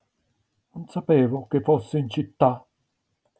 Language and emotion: Italian, sad